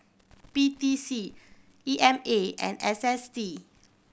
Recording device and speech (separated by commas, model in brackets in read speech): boundary microphone (BM630), read sentence